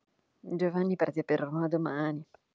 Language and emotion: Italian, disgusted